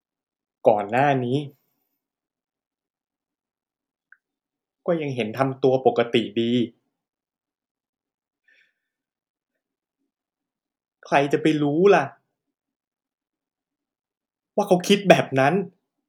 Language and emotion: Thai, sad